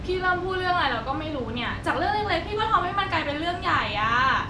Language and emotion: Thai, frustrated